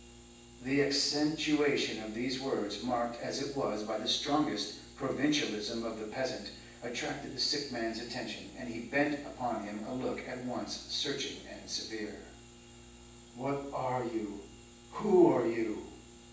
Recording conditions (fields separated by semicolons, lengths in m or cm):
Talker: one person; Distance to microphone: 9.8 m; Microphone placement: far; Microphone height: 1.8 m; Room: large; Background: none